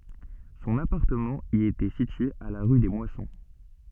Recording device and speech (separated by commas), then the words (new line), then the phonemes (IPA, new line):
soft in-ear microphone, read sentence
Son appartement y était situé à la rue des Moissons.
sɔ̃n apaʁtəmɑ̃ i etɛ sitye a la ʁy de mwasɔ̃